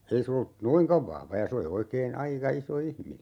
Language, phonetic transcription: Finnish, 'ei se ollu , "noiŋkav vahva ja 'se oli oikeen , 'aika 'iso "ihmine .
- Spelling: ei se ollut noinkaan vahva ja se oli oikein aika iso ihminen

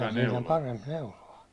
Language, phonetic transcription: Finnish, siin ‿oĺ "paremp "neulo₍a .
- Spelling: siinä oli parempi neuloa

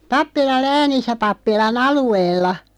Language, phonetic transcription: Finnish, 'Pappilal "Läänis̆sä 'pappila"n ‿alu₍eella .
- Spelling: Pappilan Läänissä pappilan alueella

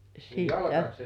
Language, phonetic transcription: Finnish, ja siittä .
- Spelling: ja sitten

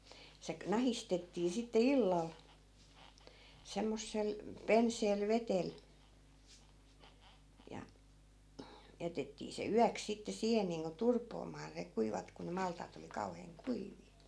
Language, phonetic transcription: Finnish, se knahistettii sitte "illal , 'semmossel , 'penseel 'vetel , ja 'jätettii se "yäks sitte 'siihen niiŋko 'turpoomaa ne 'kuivat ku ne 'malt̀aat ‿oli 'kauheeŋ "kuiv̀ii .
- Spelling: se nahistettiin sitten illalla semmoisella penseällä vedellä ja jätettiin se yöksi sitten siihen niin kuin turpoamaan ne kuivat kun ne maltaita oli kauhean kuivia

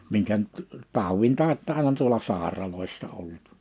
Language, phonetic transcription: Finnish, 'miŋkä nʸt , 'tàuwin 'tàitta aina tuola 'sàeralòissa 'ollut .
- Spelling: minkä nyt taudin tautta aina tuolla sairaaloissa ollut

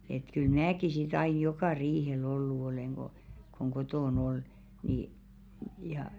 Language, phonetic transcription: Finnish, et kyl "mnääki sit aij̆ "jokà 'riihel ollu olèŋ ɢo , koŋ 'kotòn ‿ol , nii , ja .
- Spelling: että kyllä minäkin sitten aina joka riihellä ollut olen kun kun kotona oli niin ja

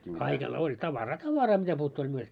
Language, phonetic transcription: Finnish, kaikella- oĺ 'tavaraa "tavaraa 'mitäpuuttuu oĺ myöt- ,.
- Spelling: - oli tavaraa tavaraa mitä puuttuu oli -

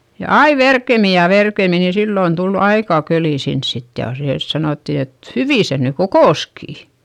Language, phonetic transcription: Finnish, ja ai verkemi ja verkemi ni sillòn tul aikà kölì sins sit jà see , sanòtti et , » hyvì se ny kokòskì » .
- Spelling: ja aina verkemmin ja verkemmin niin silloin tuli aika köli sinne sitten ja se sanottiin että hyvin se nyt kokosikin

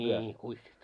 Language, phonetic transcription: Finnish, 'ńii 'kuissit .
- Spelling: niin kuissit

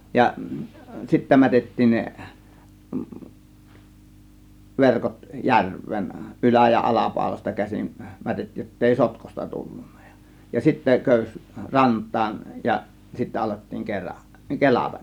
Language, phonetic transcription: Finnish, ja 'sittä 'mätettiin ne , 'verkot "järv̆veen , "ˀylä- ja "ˀalapàȯlasta käsin , 'mätettiij jottèi "sotkosta 'tullunnA JA , ja 'sittä 'kö̀ys "rant̆taan , ja , 'sittä alettiiŋ 'kera- , "kelatA(K) .
- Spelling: ja sitten mätettiin ne verkot järveen ylä ja alapaulasta käsin mätettiin jotta ei sotkuista tullut ja ja sitten köysi rantaan ja sitten alettiin - kelata

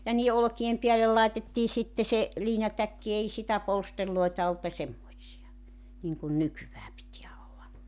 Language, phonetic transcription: Finnish, ja 'nii₍e 'olᵒki₍em 'piälel lai̬tettii sitte se , 'liinatäkki 'ei stiä 'polsterloi̬ta olt ja 'semmoⁱtsi₍a , niŋkun 'nykyvää pitiä olla .
- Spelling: ja niiden olkien päälle laitettiin sitten se liinatäkki ei sitä polstereita ollut ja semmoisia niin kuin nykyään pitää olla

